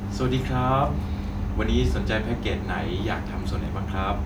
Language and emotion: Thai, neutral